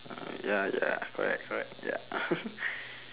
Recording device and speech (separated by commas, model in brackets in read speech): telephone, conversation in separate rooms